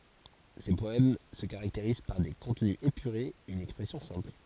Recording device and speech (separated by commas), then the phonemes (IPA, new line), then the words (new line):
forehead accelerometer, read sentence
se pɔɛm sə kaʁakteʁiz paʁ de kɔ̃tny epyʁez yn ɛkspʁɛsjɔ̃ sɛ̃pl
Ses poèmes se caractérisent par des contenus épurés, une expression simple.